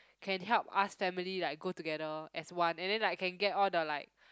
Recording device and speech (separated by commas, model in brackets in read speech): close-talking microphone, conversation in the same room